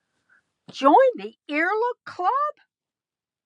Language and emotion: English, surprised